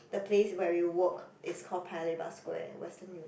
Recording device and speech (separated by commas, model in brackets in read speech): boundary microphone, conversation in the same room